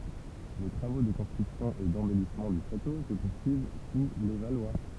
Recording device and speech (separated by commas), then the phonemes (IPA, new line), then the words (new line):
temple vibration pickup, read sentence
le tʁavo də kɔ̃stʁyksjɔ̃ e dɑ̃bɛlismɑ̃ dy ʃato sə puʁsyiv su le valwa
Les travaux de construction et d'embellissement du château se poursuivent sous les Valois.